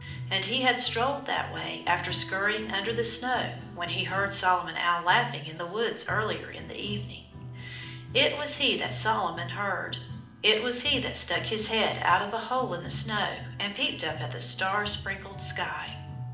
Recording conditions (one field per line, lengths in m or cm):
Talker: one person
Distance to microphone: 2.0 m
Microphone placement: close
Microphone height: 99 cm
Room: medium-sized (5.7 m by 4.0 m)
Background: music